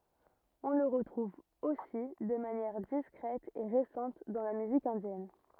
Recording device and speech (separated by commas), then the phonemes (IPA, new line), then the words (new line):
rigid in-ear microphone, read sentence
ɔ̃ lə ʁətʁuv osi də manjɛʁ diskʁɛt e ʁesɑ̃t dɑ̃ la myzik ɛ̃djɛn
On le retrouve aussi de manière discrète et récente dans la musique indienne.